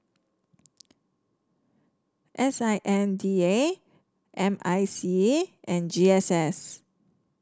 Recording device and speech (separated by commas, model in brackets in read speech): standing microphone (AKG C214), read sentence